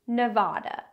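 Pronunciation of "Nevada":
In 'Nevada', the a in the second syllable is an open ah sound, not the a of 'cat'.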